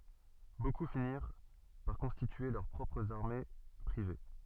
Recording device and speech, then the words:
soft in-ear microphone, read sentence
Beaucoup finirent par constituer leurs propres armées privées.

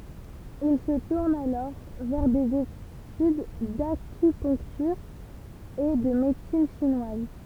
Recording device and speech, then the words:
temple vibration pickup, read sentence
Il se tourne alors vers des études d'acupuncture et de médecine chinoise.

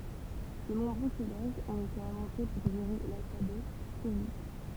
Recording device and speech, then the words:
temple vibration pickup, read sentence
De nombreux codages ont été inventés pour gérer l'alphabet cyrillique.

